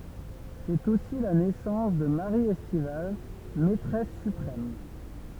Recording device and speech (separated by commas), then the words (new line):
temple vibration pickup, read sentence
C'est aussi la naissance de Marie Estivals, maîtresse suprême.